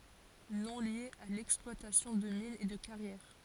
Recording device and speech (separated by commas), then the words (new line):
forehead accelerometer, read sentence
Nom lié à l’exploitation de mines et de carrières.